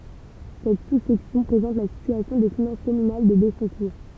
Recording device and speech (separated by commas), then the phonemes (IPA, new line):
temple vibration pickup, read sentence
sɛt susɛksjɔ̃ pʁezɑ̃t la sityasjɔ̃ de finɑ̃s kɔmynal də bɛsɔ̃kuʁ